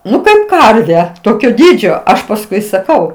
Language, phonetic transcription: Lithuanian, ˈnu kaip ˈkarve ˈtokio ˈdydžio ˈaš pasˈkui saˈkau

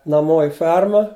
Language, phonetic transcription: Lithuanian, naˈmo i ˈferma

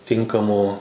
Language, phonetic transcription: Lithuanian, ˈtinkamų

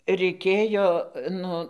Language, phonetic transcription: Lithuanian, reiˈkėjo ˈnu

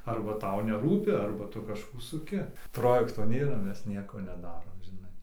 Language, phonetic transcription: Lithuanian, ˈarba ˈtau neˈrūpi ˈarba ˈtu kažˈkų suˈki ˈprojekto ˈnėra ˈmes ˈnieko neˈdarom žiˈnai

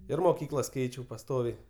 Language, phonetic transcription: Lithuanian, ir moˈkyklas ˈkeičiau paˈstoviai

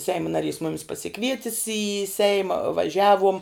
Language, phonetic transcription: Lithuanian, ˈseimu naˈrys ˈmumis pasiˈkvietis į ˈseima vaˈžiavuom

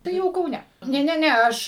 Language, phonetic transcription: Lithuanian, tai ˈjau kauˈne ˈne ˈne ˈne ˈaš

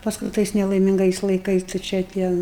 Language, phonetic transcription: Lithuanian, pasˈkui ˈtais nelaiˈmingais laiˈkais tai ˈčia ˈtie

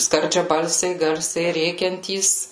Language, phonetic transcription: Lithuanian, skardžiaˈbalsiai ˈgarsiai ˈrėkiantys

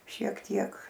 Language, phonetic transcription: Lithuanian, šiek ˈtiek

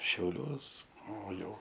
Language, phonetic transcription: Lithuanian, šiauˈliuos o ˈjau

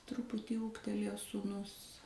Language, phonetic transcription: Lithuanian, ˈtruputį ˈūgtelėjo sūˈnus

